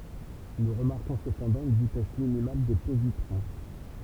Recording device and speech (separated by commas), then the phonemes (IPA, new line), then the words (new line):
temple vibration pickup, read sentence
nu ʁəmaʁkɔ̃ səpɑ̃dɑ̃ yn vitɛs minimal de pozitʁɔ̃
Nous remarquons cependant une vitesse minimale des positrons.